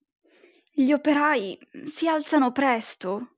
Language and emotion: Italian, sad